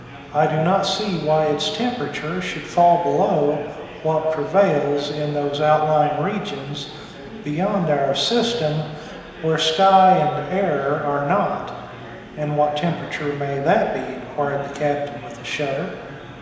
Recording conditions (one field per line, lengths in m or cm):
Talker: one person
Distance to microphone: 1.7 m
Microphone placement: close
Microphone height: 1.0 m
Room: very reverberant, large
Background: babble